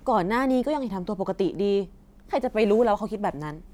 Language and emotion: Thai, frustrated